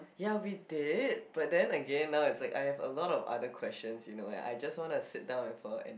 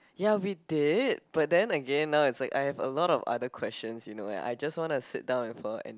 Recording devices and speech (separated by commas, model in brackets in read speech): boundary microphone, close-talking microphone, conversation in the same room